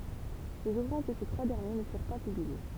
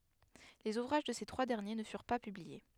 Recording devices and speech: temple vibration pickup, headset microphone, read sentence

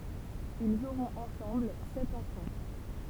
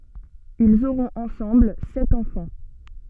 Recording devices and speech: temple vibration pickup, soft in-ear microphone, read sentence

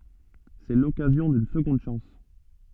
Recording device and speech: soft in-ear microphone, read sentence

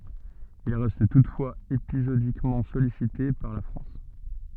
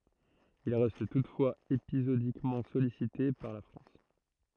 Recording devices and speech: soft in-ear microphone, throat microphone, read sentence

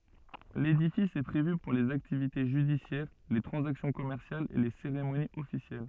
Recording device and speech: soft in-ear microphone, read sentence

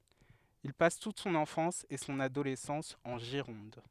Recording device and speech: headset microphone, read sentence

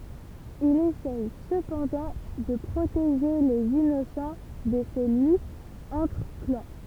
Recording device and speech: temple vibration pickup, read sentence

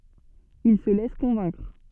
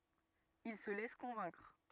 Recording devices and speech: soft in-ear microphone, rigid in-ear microphone, read sentence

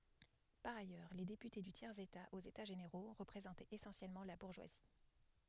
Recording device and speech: headset microphone, read sentence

